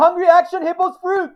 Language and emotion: English, fearful